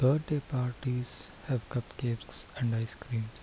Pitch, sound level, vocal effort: 125 Hz, 71 dB SPL, soft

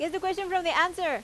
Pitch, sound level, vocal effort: 350 Hz, 93 dB SPL, very loud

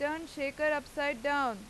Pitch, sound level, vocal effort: 285 Hz, 95 dB SPL, very loud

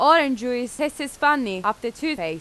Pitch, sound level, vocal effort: 265 Hz, 92 dB SPL, very loud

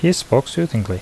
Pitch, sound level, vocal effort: 155 Hz, 77 dB SPL, normal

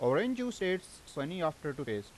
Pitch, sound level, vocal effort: 160 Hz, 89 dB SPL, loud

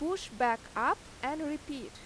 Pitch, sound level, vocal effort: 290 Hz, 88 dB SPL, loud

